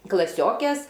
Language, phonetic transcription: Lithuanian, klaˈsiokės

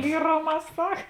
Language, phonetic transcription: Lithuanian, ˈlyroˌmā ˈsak

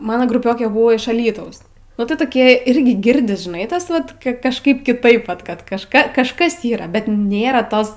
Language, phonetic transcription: Lithuanian, ˈmano gruˈpiokė ˈbuvo iš aˈlytaus nu ˈtai toˈkie ˈirgi ˈgirdis žiˈnai ˈtas ˈvat ki kažˈkaip kiˈtaip ˈvat ˈkad kažˈka kažˈkas ˈyra bet ˈnėra ˈtos

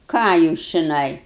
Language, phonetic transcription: Lithuanian, ˈką jūs čiˈnai

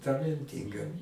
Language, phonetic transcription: Lithuanian, talenˈtynga

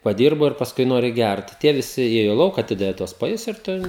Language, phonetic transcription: Lithuanian, paˈdyrbo ir pasˈkui ˈnori ˈgært ˈtie viˈsi ˈėjo ˈlauk aˈtidavi tuos paˈjus ir ˈtu

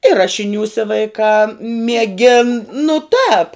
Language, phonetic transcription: Lithuanian, i ˈrašiniūse vaiˈkā mieˈgin nu tāp

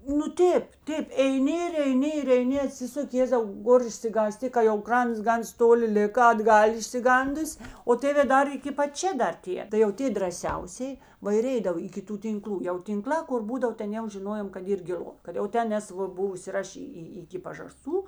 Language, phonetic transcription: Lithuanian, nu ˈtėp ˈtėp eiˈni ir eiˈni ir eiˈni aˈtsisuki ˈjėzau ˈgor išsigąˈsti ka jau ˈkrants ˈgans ˈtoˌli ˈlika atˈgal' išsiˈgandus' o ˈtėvė ˈdar iki pat ˈčia ˈdar ˈtie tai jau ˈtė draˈsiausėj ˈva ir ˈeidav iki ˈtų tinˈklų jau tinˈklā kur ˈbūdav ˈten jau žiˈnojom kad ˈyr giˈlu kad jau ˈten ˈnes ˈva ˈbuvus ir ˈaš y y ˈiki pažaˈstų

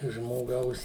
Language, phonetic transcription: Lithuanian, žmoˈgaus

